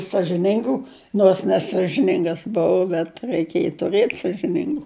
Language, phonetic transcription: Lithuanian, sažiˈningu nors nesažiˈningas ˈbuu bet raiˈkėj tuˈrɘt sažiˈningu

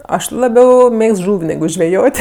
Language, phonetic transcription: Lithuanian, ˈaš laˈbiau ˈmėgst ˈžūv' neˈgu žveˈjot'

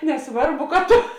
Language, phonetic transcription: Lithuanian, neˈsvarˌbu ka ˈto

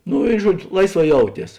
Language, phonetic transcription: Lithuanian, ˈnu ˈi ˈžuodžiu ˈlaisˌvā ˈjauˌties

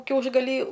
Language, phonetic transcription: Lithuanian, ˈkiaušgaly

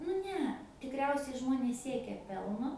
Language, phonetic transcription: Lithuanian, nu ˈne tikˈriausiai ˈžmonės ˈsiekia ˈpelno

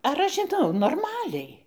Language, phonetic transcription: Lithuanian, ar ˈaš žiˈnau norˈmaliai

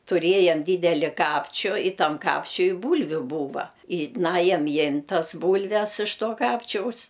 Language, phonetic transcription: Lithuanian, tuˈrėjam ˈdydeli ˈkapčiu i ˈtam ˈkapčiui ˈbūlviu ˈbūva i ˈnajam ˈjimt' ˈtas ˈbūlves iš ˈto ˈkapčiaus

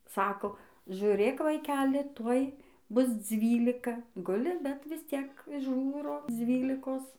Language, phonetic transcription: Lithuanian, ˈsako žiuˈrėk vaiˈkeli ˈtuoj ˈbus ˈdzvylika ˈguli bet visˈciek ˈžūro ˈdzvylikos

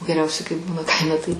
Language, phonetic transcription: Lithuanian, geˈriausiai kai ˈbūna ˈkaime tai

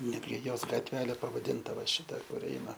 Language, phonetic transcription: Lithuanian, ˈnetgi ˈjos gatˈvelė pavaˈdinta va ˈšita kur ˈeina

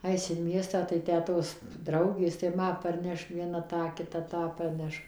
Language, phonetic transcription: Lithuanian, ˈais in ˈmiestą tai ˈtę ˈtos ˈdraugės tai ˈma parˈneš vieˈna ˈtą kiˈta ˈtą parˈneš

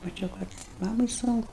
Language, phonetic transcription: Lithuanian, maˈčiau kad ˈmamai ˈsunku

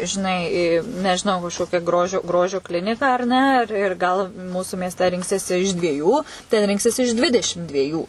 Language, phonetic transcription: Lithuanian, žiˈnai nežiˈnau kažˈkokią ˈgrožio ˈgrožio ˈkliniką ar ˈne ˈir ir ˈgal ˈmūsu miesˈte ˈrinksiesi iš dvieˈjų ten ˈrinksies iš ˈdvidešim dvieˈjų

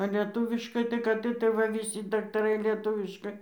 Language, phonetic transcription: Lithuanian, a lieˈtūviškai tai kad iˈtai ˈva viˈsi daktaˈrai lieˈtuviškai

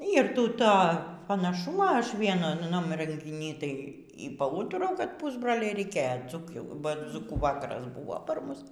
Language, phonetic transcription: Lithuanian, ˈyr ˈty ˈto panaˈšumo ˈaš ˈvienunam rengiˈny ˈtai y paˈūturau kad ˈpusbroliai reiˈkėjo ˈdzūkių ba ˈdzūkų ˈvakaras ˈbuvo ˈpar ˈmus

